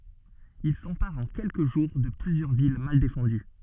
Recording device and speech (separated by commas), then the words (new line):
soft in-ear microphone, read sentence
Ils s'emparent en quelques jours de plusieurs villes mal défendues.